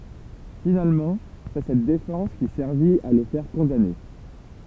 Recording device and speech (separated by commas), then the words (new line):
temple vibration pickup, read sentence
Finalement, c’est cette défense qui servit à le faire condamner.